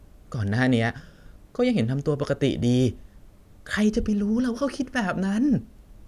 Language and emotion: Thai, frustrated